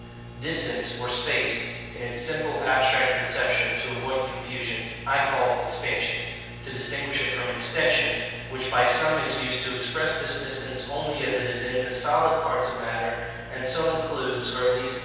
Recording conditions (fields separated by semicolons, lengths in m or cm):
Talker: one person; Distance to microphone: 7.1 m; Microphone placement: far; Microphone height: 1.7 m; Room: very reverberant, large; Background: none